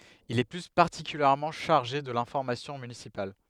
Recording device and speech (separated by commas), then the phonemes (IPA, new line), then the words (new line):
headset microphone, read sentence
il ɛ ply paʁtikyljɛʁmɑ̃ ʃaʁʒe də lɛ̃fɔʁmasjɔ̃ mynisipal
Il est plus particulièrement chargé de l'information municipale.